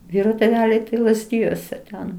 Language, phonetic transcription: Lithuanian, ˈvyro tėˈveliai tai lazˈdijuose ten

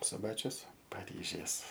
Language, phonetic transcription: Lithuanian, suˈbačius paˈryžės

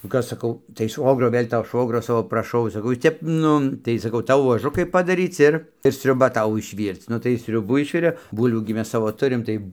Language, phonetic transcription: Lithuanian, nu ˈkas saˈkau tai ˈšvogro ˈvɘl' to ˈšvogrio ˈsavo praˈšau saˈkau ˈjis ˈtep ˈnu tai saˈkau ˈtau vuoˈžukai padaˈryc ˈir ir sriuˈba ˈtau išˈvyrc ˈnu tai jis ˈsriubų ˈišvirė ˈbūlvių gi ˈmes ˈsavo ˈturim ˈtai

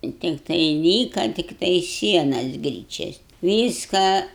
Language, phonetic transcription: Lithuanian, i tikˈtai ˈlyka tikˈtai ˈsienas ˈgryčias ˈvyską

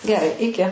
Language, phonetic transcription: Lithuanian, geˈrai iˈki

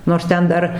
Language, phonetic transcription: Lithuanian, nors ˈten ˈdar

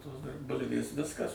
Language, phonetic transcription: Lithuanian, ˈtos dar ˈbulvės ˈviskas

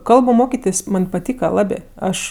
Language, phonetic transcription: Lithuanian, ˈkalbu ˈmokitės' ˈman' paˈtyka ˈlabė ˈaš

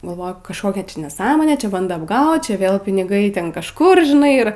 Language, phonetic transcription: Lithuanian, galˈvoju kažˈkokia neˈsąmonė ˈčia ˈbando apˈgaut ˈčia ˈvėl piniˈgai ˈten kažˈkur žiˈnai ˈir

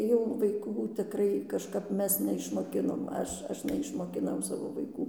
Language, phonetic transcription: Lithuanian, jau vaiˈkų tiˈkrai kažˈkap ˈmes neišmoˈkinom ˈaš ˈaš neišmokiˈnau ˈsavo vaiˈkų

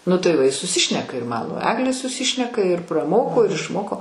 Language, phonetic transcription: Lithuanian, ˈnu tai ˈva i suˈsišneka ir ˈmano ˈaglė suˈsišneka ir praˈmoko ir išˈmoko

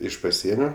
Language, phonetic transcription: Lithuanian, ˈiš paˈsienio

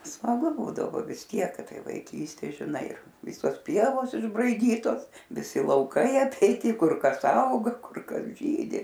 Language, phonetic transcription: Lithuanian, smaˈgu ˈbūdavo vis ˈtiek kad ˈtai vaiˈkystė žiˈnai ˈvisos ˈpievos išbraiˈdytos viˈsi lauˈkai apeiˈti ˈkur ˈkas ˈauga ˈkur ˈkas ˈžydi

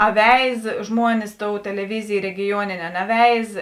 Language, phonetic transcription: Lithuanian, a veiz ˈžmuonis ˈtou teleˈvizėj regiˈjuonėnė a neˈveiz

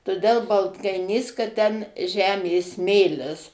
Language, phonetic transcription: Lithuanian, toˈdel baltkaiˈnys kad ten ˈžemė ˈsmėlis

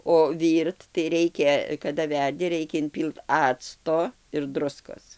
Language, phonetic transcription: Lithuanian, o ˈvyrt tai ˈreikia kada ˈverdi ˈreikia inˈpylt ˈacto ir ˈdruskos

